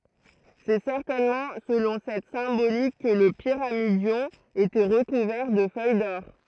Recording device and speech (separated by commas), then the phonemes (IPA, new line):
throat microphone, read sentence
sɛ sɛʁtɛnmɑ̃ səlɔ̃ sɛt sɛ̃bolik kə lə piʁamidjɔ̃ etɛ ʁəkuvɛʁ də fœj dɔʁ